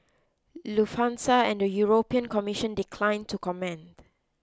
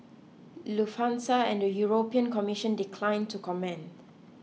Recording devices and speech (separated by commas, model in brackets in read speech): close-talking microphone (WH20), mobile phone (iPhone 6), read sentence